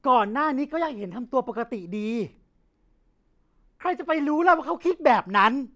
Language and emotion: Thai, angry